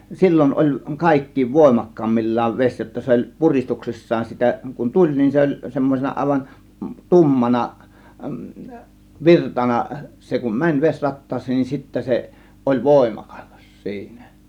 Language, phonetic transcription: Finnish, 'sil͕l͕on oĺ "kàėkkiiv "vòėmak̀kaammil͕̀l͕aav 'veś jotta oĺ , 'puristuksissaan 'sitä , kun "tuĺ , nin 'se oĺ 'semmosena àėvan , "tummana , "virtana , 'se kun "mäń 'ves͕rat̀taas̆seen nin 'sittä se , oĺ "vòėma(kas) siinä .
- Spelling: silloin oli kaikkein voimakkaimmillaan vesi jotta oli puristuksissaan sitä kun tuli niin se oli semmoisena aivan tummana virtana se kun meni vesirattaaseen niin sitten se oli voimakas siinä

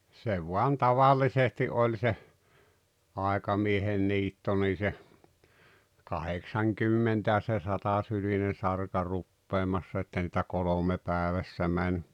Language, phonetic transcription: Finnish, 'se voan 'taval̆lisesti '’oĺ se , 'aekamiehen 'niitto nii se , 'kaheksaŋkymmentä- ja se 'satasyline 'sarka 'ruppeemassa että niitä 'kolome 'pääᵉvässä mäń .
- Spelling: se vain tavallisesti oli se aikamiehen niitto niin se kahdeksankymmentä ja se satasylinen sarka rupeamassa että niitä kolme päivässä meni

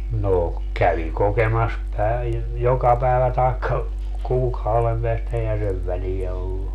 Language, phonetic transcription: Finnish, no , 'kävi 'kokemas "päiv- , "joka päevä taekka , 'kuukauvem peästä eihä 'sev välijä ollu .
- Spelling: no kävi kokemassa - joka päivä tai kuukauden päästä eihän sen väliä ollut

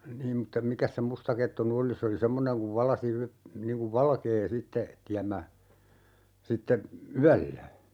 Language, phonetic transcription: Finnish, 'niim mutta 'mikäs se 'mustakettu ny "oli 'se oli "semmoneŋ kuv 'valasi y- , niŋ kuv "valkee 'sitte , 'tiämmä , 'sitte , "yällä .
- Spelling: niin mutta mikäs se mustakettu nyt oli se oli semmoinen kun valaisi - niin kuin valkea sitten tiemmä sitten yöllä

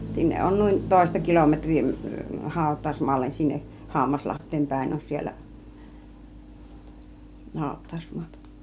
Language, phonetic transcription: Finnish, 'sinneˀ ˀon 'nùin , 'tòista kilometŕ̆rii , 'hàut̆tàusmoallen sinneˀ , "Hammaslaht̆teem 'pä̀in on 'siellä , 'hàut̆tàusmu̬ata .
- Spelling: sinne on noin toista kilometriä hautausmaalle sinne Hammaslahteen päin on siellä hautausmaata

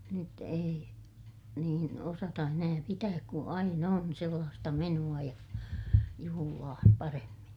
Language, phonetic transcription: Finnish, nyt ei , niin osata enää pitääk ku aina on sellaasta menu₍a ja , juhulaa , paremmin .
- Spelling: nyt ei niin osata enää pitää kun aina on sellaista menoa ja juhlaa paremmin

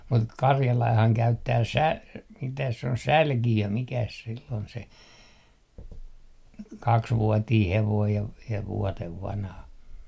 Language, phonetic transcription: Finnish, mut 'karjalaihaŋ 'käyttää 'sä- , mitäs se on "sälki₍ö 'mikäs sill ‿ol se , "kaksvuotii hevoij ja v - ja "vuotev 'vanha .
- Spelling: mutta karjalainenhan käyttää - mitäs se on sälkiö mikäs sillä oli se kaksivuotinen hevonen ja - ja vuoden vanha

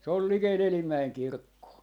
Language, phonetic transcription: Finnish, 'se ‿ol 'likel "Elimmäeŋ 'kirkkoo .
- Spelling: se on likellä Elimäen kirkkoa

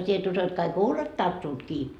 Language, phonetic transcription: Finnish, 'sie et uso et kaik "huulet 'tarttuut kii .
- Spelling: sinä et usko että kaikki huulet tarttuvat kiinni

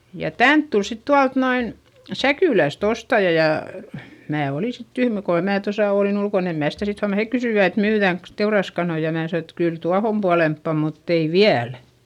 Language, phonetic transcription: Finnish, ja tänt tul sit tualt noin , Säkỳläst ‿ostaja jà , mää oli sit tyhmä koha mää tosà òlin ‿ulkon ‿em mää sitä sit huaman - hek kysỳvä et » myyδä̀ŋks , teuraskanoi » ja mää sano et , kyl tuahom pualemppa mutt ‿ei viäl .
- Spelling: ja tänne tuli sitten tuolta noin Säkylästä ostaja ja minä olin sitten tyhmä kunhan minä tuossa olin ulkona en minä sitä sitten huomannut he kysyivät että myydäänkös teuraskanoja ja minä sanoin että kyllä tuohon puolempaan mutta ei vielä

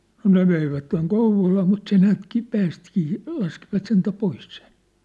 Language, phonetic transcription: Finnish, no 'ne veivätteŋ "Kouv̆volaa mut se 'näätki , 'päästĭkii , 'laskivat sentä "pois sen̬ .
- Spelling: no ne veivät Kouvolaan mutta se näetkin päästikin laskivat sentään pois sen

